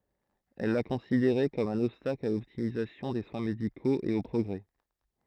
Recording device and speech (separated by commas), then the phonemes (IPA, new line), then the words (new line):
throat microphone, read sentence
ɛl la kɔ̃sideʁɛ kɔm œ̃n ɔbstakl a lɔptimizasjɔ̃ de swɛ̃ medikoz e o pʁɔɡʁɛ
Elle la considérait comme un obstacle à l’optimisation des soins médicaux et au progrès.